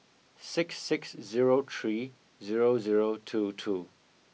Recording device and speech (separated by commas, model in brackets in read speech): mobile phone (iPhone 6), read sentence